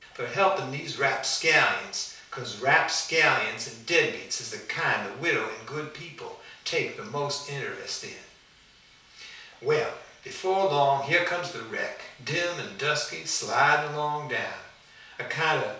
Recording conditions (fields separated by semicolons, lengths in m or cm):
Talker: one person; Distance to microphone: 3.0 m; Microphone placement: far; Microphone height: 1.8 m; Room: small (3.7 m by 2.7 m); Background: none